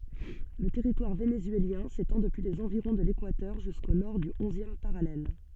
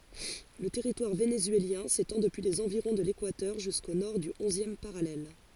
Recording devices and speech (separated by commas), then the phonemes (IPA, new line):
soft in-ear microphone, forehead accelerometer, read sentence
lə tɛʁitwaʁ venezyeljɛ̃ setɑ̃ dəpyi lez ɑ̃viʁɔ̃ də lekwatœʁ ʒysko nɔʁ dy ɔ̃zjɛm paʁalɛl